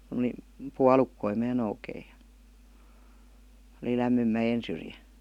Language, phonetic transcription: Finnish, [Ku]n̥ ‿oˡi , "pualukkoi 'mää noukeij̆ ja , oli 'lämmym "mäjen̬ syrjä .
- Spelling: kun oli puolukoita minä noukin ja oli lämmin mäen syrjä

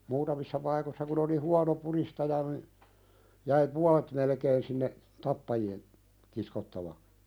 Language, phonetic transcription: Finnish, 'muutamissa pnikossa kun ‿oli "huano pulistaja (ni) , jäi "pualᴇt melkeen sinne , 'tappaji₍en , 'kiskottava(ks) .
- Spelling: muutamissa paikoissa kun oli huono pudistaja niin jäi puolet melkein sinne tappajien kiskottaviksi

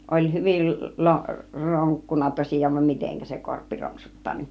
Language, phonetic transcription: Finnish, oĺ 'hyvil 'lo- , 'roŋkkunna 'tosij̆jaan vam 'miteŋkä se korppi 'roŋksuttaa ni .
- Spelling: oli hyvin - ronkkunut tosiaan vaan miten se korppi ronksuttaa niin

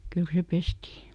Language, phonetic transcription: Finnish, ˈkyl se "pestii .
- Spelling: kyllä se pestiin

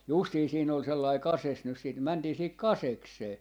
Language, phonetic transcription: Finnish, 'justii 'siin ‿ol sellai "kases nys siit , 'mäntii siihik "kaseksee .
- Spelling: justiin siinä oli sellainen kases nyt sitten mentiin siihen kasekseen

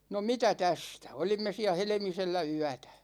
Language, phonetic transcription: Finnish, no 'mitä "tästä , 'olimme siä "Helᵉmisellä 'yätÄ .
- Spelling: no mitä tästä olimme siellä Helmisellä yötä

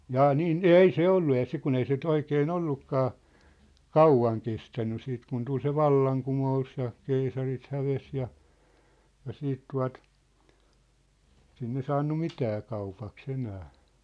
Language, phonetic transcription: Finnish, 'jaa 'niin , "ei "se ollu ja 'sik kun ‿ei se ny̆'t ‿oikee"n ‿ollukkaa , "kauvaŋ kestänny siit kun 'tul se "vallaŋ'kumo₍us ja , 'keisarit 'häves ja , ja 'siit tua̭t , sinne 'saannu "mitää kaupak's ‿enää .
- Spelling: jaa niin ei se ollut ja siksi kun ei se nyt oikein ollutkaan kauan kestänyt sitten kun tuli se vallankumous ja keisarit hävisi ja ja sitten tuota sinne saanut mitään kaupaksi enää

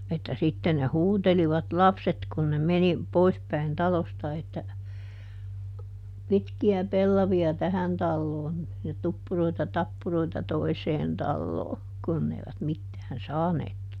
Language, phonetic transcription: Finnish, että ˈsitten ne "huutelivat "lapset kun ne ˈmeni , ˈpoispäin ˈtalosta että , » ˈpitki₍ä ˈpellavi₍a "tähän ˈtalloon , ja ˈtuppuroita ˈtappuroita "toiseen ˈtalloo » , ˈkunn ‿eivät ˈmittään "saaneek ,.
- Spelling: että sitten ne huutelivat lapset kun ne meni poispäin talosta että pitkiä pellavia tähän taloon ja tuppuroita tappuroita toiseen taloon kun eivät mitään saaneet

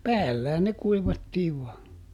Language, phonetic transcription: Finnish, "päällä(h)än ne ˈkuivattiiv ˈvɔa .
- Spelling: päällähän ne kuivattiin vain

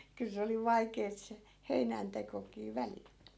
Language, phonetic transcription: Finnish, 'kyl se oli 'vaikeet se , 'heinäntekokii "välil .
- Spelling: kyllä se oli vaikeaa se heinäntekokin välillä

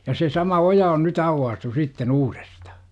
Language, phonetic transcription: Finnish, ja se 'sama "oja on ny't ‿auwwaastu 'sitte'n ‿uuREstA .
- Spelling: ja se sama oja on nyt aukaistu sitten uudestaan

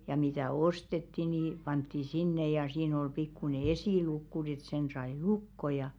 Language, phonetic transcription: Finnish, ja mitä̀ "ostetti ni , pantti 'sinne ja siin ol 'pikkune "esìlukku n̬ⁱ ‿et sen sai 'lukko ja .
- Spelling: ja mitä ostettiin niin pantiin sinne ja siinä oli pikkuinen esilukko no että sen sai lukkoon ja

